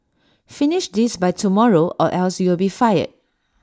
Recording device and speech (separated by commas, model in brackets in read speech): standing microphone (AKG C214), read sentence